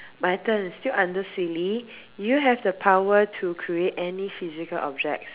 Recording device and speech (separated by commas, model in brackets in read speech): telephone, conversation in separate rooms